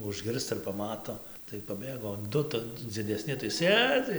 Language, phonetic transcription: Lithuanian, užˈgirsta ir paˈmato tai paˈbėgo o ˈdu ta dzideˈsni tai ˈsėdzi

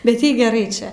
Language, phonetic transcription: Lithuanian, bet ˈjai geˈrai ˈčia

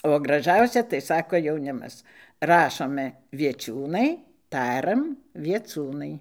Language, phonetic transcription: Lithuanian, o graˈžausia tai ˈsako jauˈnimas ˈrašome vieˈčiūnai ˈtaram vieˈcūnai

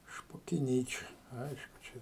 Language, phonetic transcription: Lithuanian, špokiˈnyčia ˈaišku čia

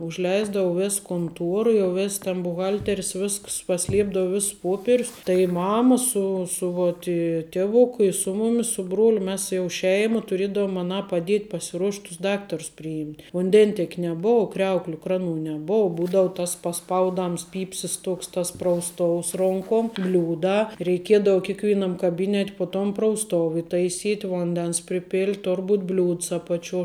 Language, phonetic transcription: Lithuanian, užˈleisdavu ˈvės konˈtuora jau ˈvės ten buˈhalteris ˈvisks paˈsliepdavu ˈvis ˈpuoperius tai ˈmama ˈsu su vot i ˈtievuku i su ˈmumis ˈsu ˈbruoliu ˈmes tai jau ˈšeima tuˈriedavom aˈnā paˈdiet' pasiˈruošt' tus ˈdaktarus priˈjymt' vunˈden'tiek' neˈbou ˈkriaukliu ˈkraˌnų neˈbou ˈbūdau tas paˈspaudams ˈpypsis toks tas prausˈtous ˈronkom ˈbliūdā reiˈkiedau kikˈvynam kaˈbynet' po tom prausˈtov itaiˈsyt' ˈvondens priˈpėlt' tor būt' bliūds apaˈčio

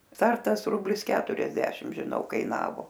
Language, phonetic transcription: Lithuanian, ˈstartas ˈrublis ˈketuriasdešim žiˈnau kaiˈnavo

